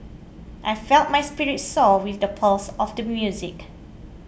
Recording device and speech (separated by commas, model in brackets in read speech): boundary microphone (BM630), read sentence